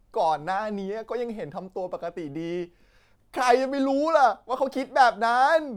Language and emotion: Thai, frustrated